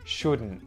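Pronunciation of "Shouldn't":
In 'shouldn't', the t at the end is muted after the n.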